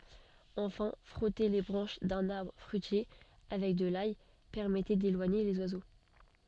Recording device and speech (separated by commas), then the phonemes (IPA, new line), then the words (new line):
soft in-ear microphone, read sentence
ɑ̃fɛ̃ fʁɔte le bʁɑ̃ʃ dœ̃n aʁbʁ fʁyitje avɛk də laj pɛʁmɛtɛ delwaɲe lez wazo
Enfin, frotter les branches d'un arbre fruitier avec de l'ail permettait d'éloigner les oiseaux.